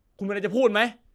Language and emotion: Thai, angry